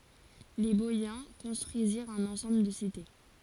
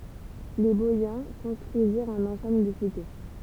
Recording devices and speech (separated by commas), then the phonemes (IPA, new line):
forehead accelerometer, temple vibration pickup, read sentence
le bɔjɛ̃ kɔ̃stʁyiziʁt œ̃n ɑ̃sɑ̃bl də site